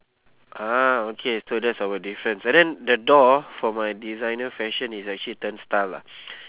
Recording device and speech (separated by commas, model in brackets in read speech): telephone, conversation in separate rooms